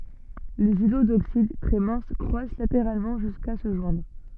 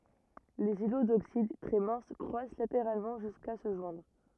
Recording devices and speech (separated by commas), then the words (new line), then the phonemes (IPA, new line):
soft in-ear microphone, rigid in-ear microphone, read sentence
Les îlots d'oxyde, très minces, croissent latéralement jusqu'à se joindre.
lez ilo doksid tʁɛ mɛ̃s kʁwas lateʁalmɑ̃ ʒyska sə ʒwɛ̃dʁ